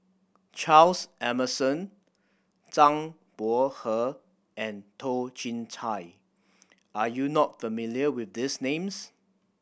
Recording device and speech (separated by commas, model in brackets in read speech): boundary microphone (BM630), read sentence